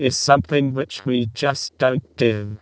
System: VC, vocoder